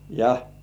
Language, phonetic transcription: Finnish, ja .
- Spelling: ja

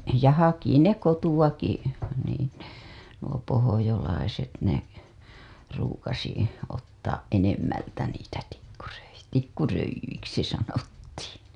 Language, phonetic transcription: Finnish, ja 'haki ne 'kotuWaki , niin̬ , nuo pohojolaiset ne , ruukasi , ottaaˀ 'ˀenemmältä niitä tikkuröi- , tikkuröij̆jyiksi sanottiiN .
- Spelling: ja haki ne kotoakin niin nuo pohjalaiset ne ruukasi ottaa enemmältä niitä - tikkuröijyiksi sanottiin

